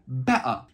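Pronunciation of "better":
In 'better', the t is silent, the way British speakers say it.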